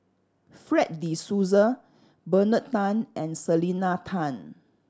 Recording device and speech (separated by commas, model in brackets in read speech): standing microphone (AKG C214), read sentence